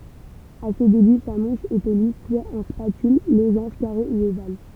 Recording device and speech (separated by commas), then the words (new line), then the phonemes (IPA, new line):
temple vibration pickup, read sentence
À ses débuts sa mouche était lisse, soit en spatule, losange, carré, ou ovale.
a se deby sa muʃ etɛ lis swa ɑ̃ spatyl lozɑ̃ʒ kaʁe u oval